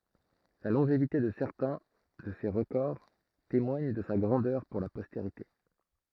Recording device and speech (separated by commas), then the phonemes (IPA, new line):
throat microphone, read sentence
la lɔ̃ʒevite də sɛʁtɛ̃ də se ʁəkɔʁ temwaɲ də sa ɡʁɑ̃dœʁ puʁ la pɔsteʁite